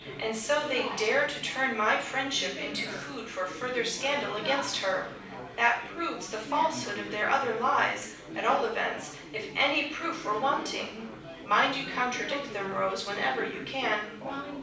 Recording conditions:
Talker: one person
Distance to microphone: 5.8 m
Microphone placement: far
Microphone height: 1.8 m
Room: medium-sized (5.7 m by 4.0 m)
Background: babble

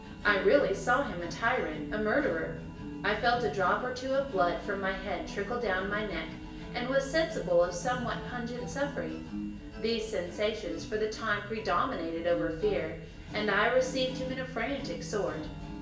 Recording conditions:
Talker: one person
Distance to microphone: 1.8 m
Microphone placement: close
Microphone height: 1.0 m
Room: large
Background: music

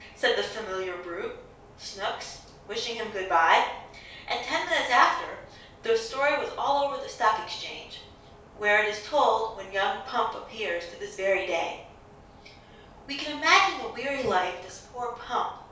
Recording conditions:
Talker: one person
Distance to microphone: 3.0 m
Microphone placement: far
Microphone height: 1.8 m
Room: small (3.7 m by 2.7 m)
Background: none

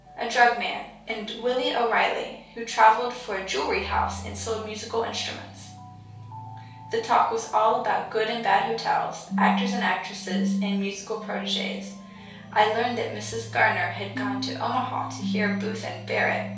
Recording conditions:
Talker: one person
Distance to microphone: 3.0 m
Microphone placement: far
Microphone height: 1.8 m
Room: small (3.7 m by 2.7 m)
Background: music

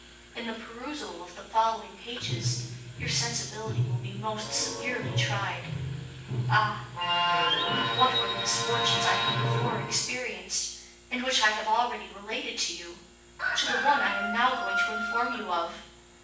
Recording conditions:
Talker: one person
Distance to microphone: 9.8 m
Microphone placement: far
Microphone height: 1.8 m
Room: large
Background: television

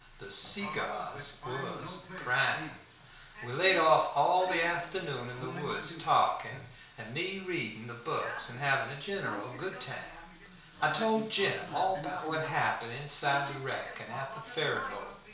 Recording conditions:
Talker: one person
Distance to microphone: 1.0 m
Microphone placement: close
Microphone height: 1.1 m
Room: small (3.7 m by 2.7 m)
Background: television

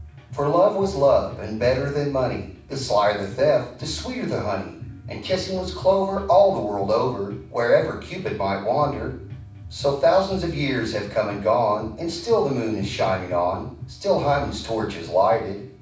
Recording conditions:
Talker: one person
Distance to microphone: 5.8 m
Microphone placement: far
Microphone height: 1.8 m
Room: medium-sized (5.7 m by 4.0 m)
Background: music

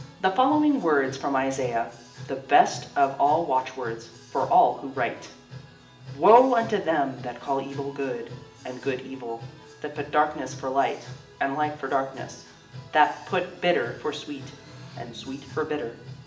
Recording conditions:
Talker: one person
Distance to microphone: 1.8 m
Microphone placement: close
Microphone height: 1.0 m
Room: large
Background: music

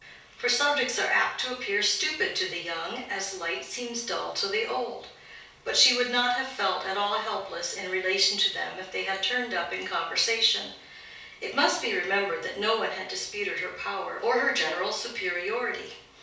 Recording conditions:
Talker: one person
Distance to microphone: 3.0 m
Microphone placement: far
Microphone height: 1.8 m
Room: small (3.7 m by 2.7 m)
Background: none

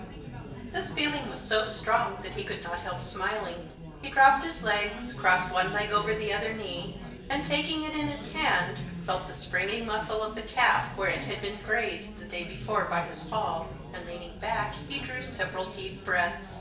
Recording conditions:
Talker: one person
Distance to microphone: 1.8 m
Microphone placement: close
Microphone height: 1.0 m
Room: large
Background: babble

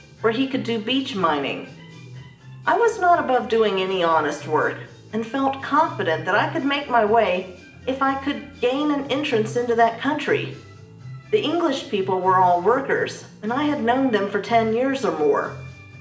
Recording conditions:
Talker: one person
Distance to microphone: 1.8 m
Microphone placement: close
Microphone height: 1.0 m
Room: large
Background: music

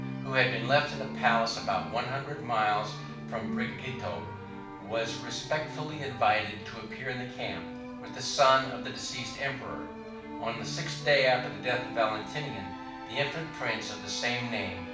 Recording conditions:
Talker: one person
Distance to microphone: 5.8 m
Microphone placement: far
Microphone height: 1.8 m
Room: medium-sized (5.7 m by 4.0 m)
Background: music

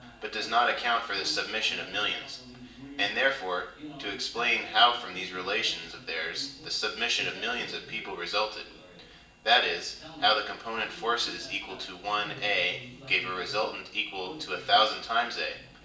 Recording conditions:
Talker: one person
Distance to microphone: 1.8 m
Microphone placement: close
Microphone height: 1.0 m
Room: large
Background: television

